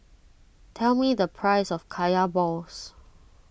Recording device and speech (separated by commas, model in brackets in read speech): boundary microphone (BM630), read sentence